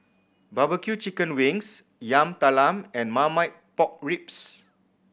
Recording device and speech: boundary microphone (BM630), read sentence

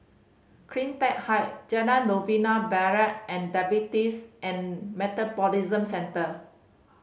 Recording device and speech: mobile phone (Samsung C5010), read sentence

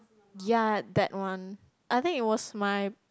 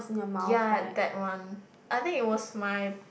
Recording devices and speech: close-talking microphone, boundary microphone, conversation in the same room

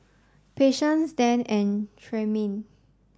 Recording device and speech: standing microphone (AKG C214), read sentence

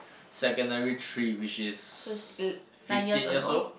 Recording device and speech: boundary microphone, conversation in the same room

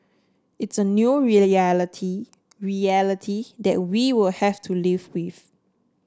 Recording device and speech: standing microphone (AKG C214), read sentence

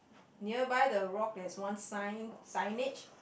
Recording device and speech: boundary microphone, conversation in the same room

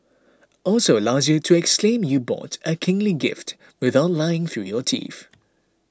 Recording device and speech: close-talking microphone (WH20), read sentence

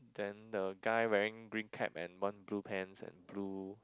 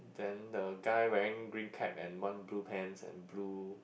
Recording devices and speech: close-talking microphone, boundary microphone, conversation in the same room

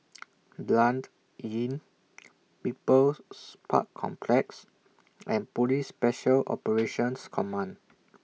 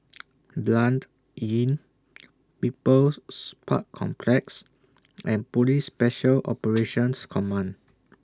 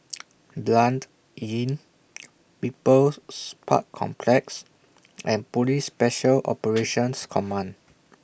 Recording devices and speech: mobile phone (iPhone 6), standing microphone (AKG C214), boundary microphone (BM630), read sentence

